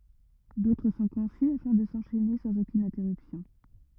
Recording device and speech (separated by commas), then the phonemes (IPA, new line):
rigid in-ear microphone, read sentence
dotʁ sɔ̃ kɔ̃sy afɛ̃ də sɑ̃ʃɛne sɑ̃z okyn ɛ̃tɛʁypsjɔ̃